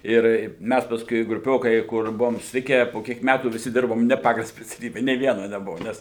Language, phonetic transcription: Lithuanian, ˈir ˈmæs pasˈkui gruˈpiokai ˈkur ˈbuvom susiˈtikę po ˈkiek ˈmætų viˈsi ˈdirbom ˈne ˈpagal speciaˈlybe nė ˈviena neˈbuvu ˈnes

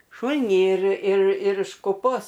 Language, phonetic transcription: Lithuanian, ˈšūl'nį ir ir ir iš kuˈpos

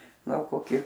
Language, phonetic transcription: Lithuanian, ˈgal koˈki

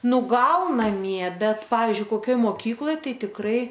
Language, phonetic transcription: Lithuanian, ˈnu ˈgal naˈmie ˈbet ˈpavyzdžiui koˈkioj ˈmokykloj ˈtai tikˈrai

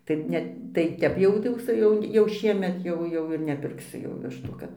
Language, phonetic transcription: Lithuanian, tai ˈne tai ˈtep jau tai ˈjau su ˈjau jau ˈšiemet jau ˈjau ir nepirkˈsu jau ˈvištų ˈkad

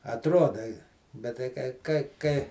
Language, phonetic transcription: Lithuanian, atˈroda i bet tai ˈkai kai ˈkai

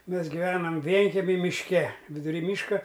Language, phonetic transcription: Lithuanian, ˈmes giˈvenam ˈvienkemi mišˈke viduˈry ˈmyška

